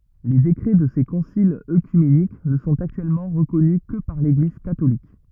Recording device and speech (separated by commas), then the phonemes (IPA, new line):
rigid in-ear microphone, read sentence
le dekʁɛ də se kɔ̃silz økymenik nə sɔ̃t aktyɛlmɑ̃ ʁəkɔny kə paʁ leɡliz katolik